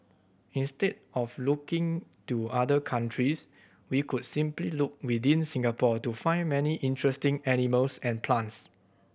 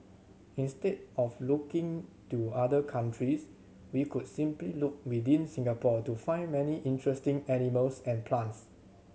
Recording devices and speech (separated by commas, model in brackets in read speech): boundary microphone (BM630), mobile phone (Samsung C7100), read sentence